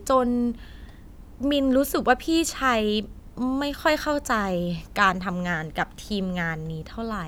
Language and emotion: Thai, frustrated